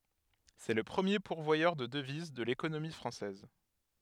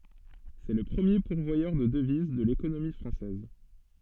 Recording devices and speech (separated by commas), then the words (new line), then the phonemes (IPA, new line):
headset microphone, soft in-ear microphone, read sentence
C'est le premier pourvoyeur de devises de l'économie française.
sɛ lə pʁəmje puʁvwajœʁ də dəviz də lekonomi fʁɑ̃sɛz